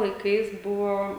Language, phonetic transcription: Lithuanian, laiˈkais ˈbuvo

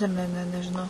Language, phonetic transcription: Lithuanian, ˈne ˈne ˈne nežiˈnau

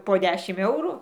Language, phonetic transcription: Lithuanian, po ˈdešim ˈeuru

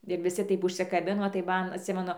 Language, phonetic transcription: Lithuanian, ir viˈsi ˈtaip užsikaˈbino tai ˈman atˈsimenu

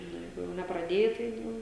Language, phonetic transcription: Lithuanian, ˈnu ˈjeigu jau nepraˈdėja tai ˈjau

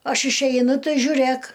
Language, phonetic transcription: Lithuanian, ˈaš išˈeinu ˈtai žiuˈrėk

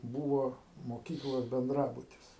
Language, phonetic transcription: Lithuanian, ˈbūvo moˈkyklos benˈdrabutis

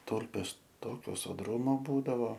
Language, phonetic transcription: Lithuanian, ˈtūlpės ˈtokio soˈdrūmo ˈbūdavo

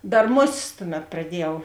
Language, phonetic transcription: Lithuanian, ˈdar ˈmoˌsisˈtuˌmet praˈdiejau

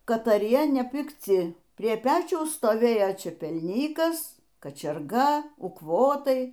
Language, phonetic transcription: Lithuanian, kataˈrie nepikˈci prie ˈpečiaus stoˈvėjo čepelˈnykas kačiarˈga ukˈvotai

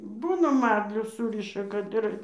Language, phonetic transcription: Lithuanian, ˈbūna ˈmarliu ˈsūriša kad ˈir

